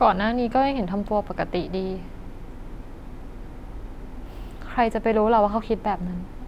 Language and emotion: Thai, frustrated